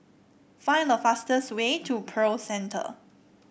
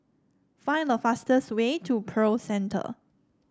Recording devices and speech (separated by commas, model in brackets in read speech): boundary microphone (BM630), standing microphone (AKG C214), read sentence